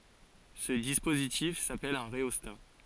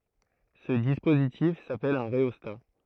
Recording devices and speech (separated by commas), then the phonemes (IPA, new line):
forehead accelerometer, throat microphone, read sentence
sə dispozitif sapɛl œ̃ ʁeɔsta